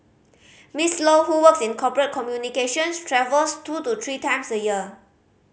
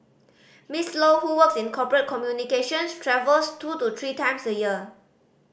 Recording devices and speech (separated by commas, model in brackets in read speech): mobile phone (Samsung C5010), boundary microphone (BM630), read sentence